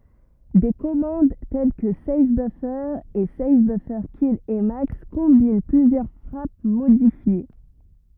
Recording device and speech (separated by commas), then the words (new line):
rigid in-ear microphone, read sentence
Des commandes telles que save-buffer et save-buffers-kill-emacs combinent plusieurs frappes modifiées.